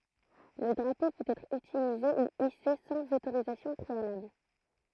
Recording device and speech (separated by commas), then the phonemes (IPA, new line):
throat microphone, read sentence
lə dʁapo pøt ɛtʁ ytilize u ise sɑ̃z otoʁizasjɔ̃ pʁealabl